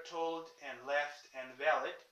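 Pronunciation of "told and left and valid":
The L in 'told', 'left' and 'valid' is a light L.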